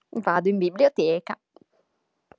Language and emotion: Italian, happy